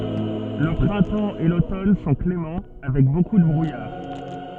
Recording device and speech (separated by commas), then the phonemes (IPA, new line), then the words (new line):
soft in-ear microphone, read sentence
lə pʁɛ̃tɑ̃ e lotɔn sɔ̃ klemɑ̃ avɛk boku də bʁujaʁ
Le printemps et l'automne sont cléments, avec beaucoup de brouillard.